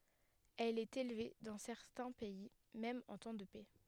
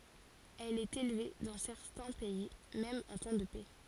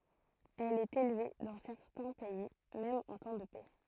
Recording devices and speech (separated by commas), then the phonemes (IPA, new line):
headset microphone, forehead accelerometer, throat microphone, read sentence
ɛl ɛt elve dɑ̃ sɛʁtɛ̃ pɛi mɛm ɑ̃ tɑ̃ də pɛ